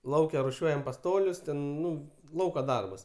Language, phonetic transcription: Lithuanian, ˈlauke ruˈšiuojam paˈstolius ˈten ˈnu ˈlauka ˈdarbas

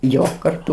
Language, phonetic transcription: Lithuanian, ˈjo karˈtu

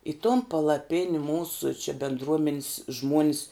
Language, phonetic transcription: Lithuanian, i ton palaˈpini ˈmūsu či bindˈruomenis ˈžmuonis

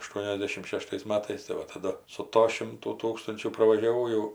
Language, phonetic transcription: Lithuanian, ašˈtuoniasdešim ˈšeštais ˈmatais tai ˈva taˈdu su ˈto ˈšimtų ˈtūkstunčių pravažiaˈvau jau

